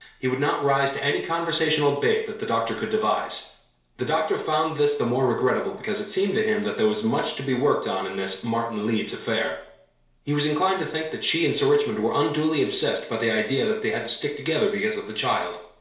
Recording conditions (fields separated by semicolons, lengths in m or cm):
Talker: one person; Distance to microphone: 1.0 m; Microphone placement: close; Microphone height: 1.1 m; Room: small (3.7 m by 2.7 m); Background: none